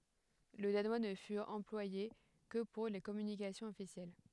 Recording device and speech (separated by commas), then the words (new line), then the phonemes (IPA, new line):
headset microphone, read sentence
Le danois ne fut employé que pour les communications officielles.
lə danwa nə fyt ɑ̃plwaje kə puʁ le kɔmynikasjɔ̃z ɔfisjɛl